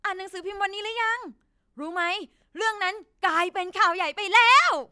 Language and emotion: Thai, happy